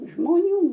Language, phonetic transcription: Lithuanian, žmoˈnių

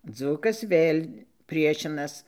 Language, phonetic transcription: Lithuanian, ˈdzūkas ˈvėl' ˈpriešinas

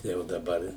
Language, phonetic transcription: Lithuanian, ˈtai jau daˈbar

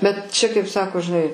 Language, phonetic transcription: Lithuanian, bet ˈčia kaip ˈsako žiˈnai

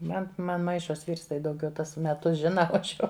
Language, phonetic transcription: Lithuanian, ˈman ˈman ˈmaišos ˈvyrs tai dauˈgiau ˈtuos meˈtus ˈžina o ˈaš jau

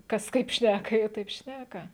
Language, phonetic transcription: Lithuanian, ˈkas ˈkaip šnæka ˈjie ˈtaip ˈšnæka

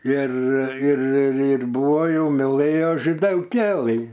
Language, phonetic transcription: Lithuanian, ir ir ir ˈbuvo ˈjau miˈlɘjo židelˈkėlɨ

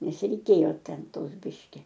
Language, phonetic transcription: Lithuanian, nes reiˈkėjo ˈten ˈtos ˈbiški

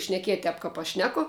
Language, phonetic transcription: Lithuanian, šneˈkiet' ˈtep ˈkap aš ˈšneko

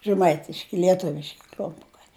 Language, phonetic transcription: Lithuanian, žeˈmaitiški lieˈtuviški kl'umˈpukai

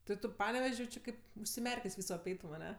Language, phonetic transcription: Lithuanian, ti ˈtu ˈpanevež' jau ˈči ˈkaip užsiˈmerkės' ˈvyso apˈeitum aˈne

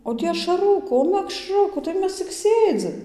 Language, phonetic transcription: Lithuanian, o ˈtį ašaˈrukų o mekˈšrukų tai ˈmes cik ˈsėdzim

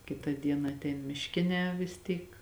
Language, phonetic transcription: Lithuanian, ˈkita ˈdiena atˈein mišˈkinē vis ˈtyk

